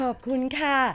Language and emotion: Thai, happy